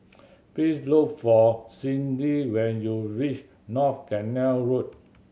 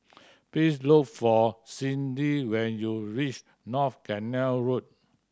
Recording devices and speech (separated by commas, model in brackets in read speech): mobile phone (Samsung C7100), standing microphone (AKG C214), read sentence